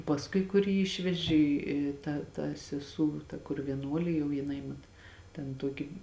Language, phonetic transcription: Lithuanian, pasˈkui kur ˈjį ˈišveži i ˈta ta seˈsū ta kur vieˈnuolė jau jiˈnai mat ten ˈtuoki

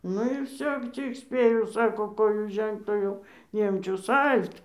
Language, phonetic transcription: Lithuanian, ˈnu ir ˈvsio ˈcik ˈspėjau ˈsako ˈkoju ˈžengt o ˈjau ˈniemčius ˈal't

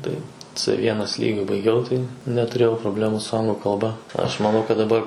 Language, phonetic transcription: Lithuanian, ˈtai c ˈvienas ˈlygiu baiˈgiau tai netuˈrėjau proˈblemų su ˈanglu kalˈba ˈaš maˈnau kad daˈbar

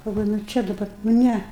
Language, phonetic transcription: Lithuanian, galˈvoju nu ˈčia daba nu ˈnæ

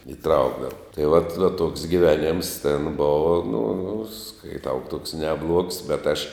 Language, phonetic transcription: Lithuanian, iˈtraukdava tai vat va toks giˈveˌnėms ten ˈbova nu skaiˈtau tuoks neˈbluogs bet aš

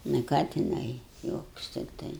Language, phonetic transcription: Lithuanian, nu ˈką tiˈnai ˈjuokus tikˈtai

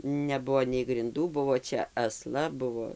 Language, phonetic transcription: Lithuanian, neˈbuo nei grinˈdų ˈbuvo ˈčia aˈsla ˈbuvo

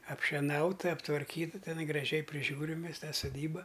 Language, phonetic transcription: Lithuanian, apšeˈnauta aptvarˈkyta teˈnai graˈžiai priˈžiūrim ˈmes ˈtą soˈdyba

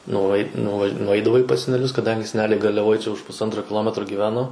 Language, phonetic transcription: Lithuanian, nuˈait nuva nuˈaidavai pas seneˈlius kaˈdangi seˈneliai garliaˈvoj čia už pusˈantro kiˈlometro gyˈveno

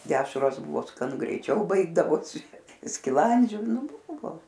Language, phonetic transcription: Lithuanian, ˈdešros ˈbuvo skaˈnu greiˈčiau ˈbaigdavosi skiˈlandžiu ˈnu ˈbuvo

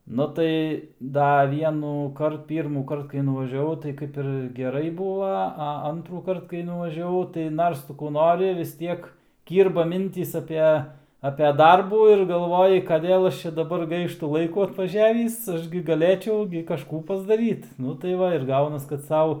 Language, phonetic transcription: Lithuanian, ˈnu tai ˈda ˌvienųˈkart ˌpyrmųˈkart kai nuvažiaˈvau tai ˈkaip ir geˈrai ˈbuva a ˈantrųkart kai nuvažiaˈvau tai ˈnars ˈtu kų ˈnori vis ˈtiek ˈkyrba ˈmintys ˈape ape ˈdarbų ir galˈvoji kaˈdėl ˈaš ˈčia daˈbar ˈgaištu ˈlaikų atvaˈžiavįs ˈaš gi gaˈlėčiau gi kaˈžkų pasdaˈryt ˈnu tai ˈva ir ˈgaunas kad ˈsau

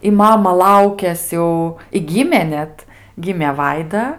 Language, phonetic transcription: Lithuanian, i ˈmama ˈlaukias jau i ˈgymė ˈnet ˈgimė ˈvaida

